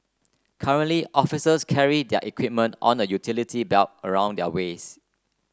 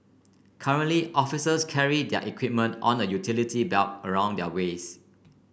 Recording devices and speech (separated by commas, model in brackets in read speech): close-talking microphone (WH30), boundary microphone (BM630), read sentence